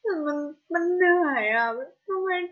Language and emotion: Thai, sad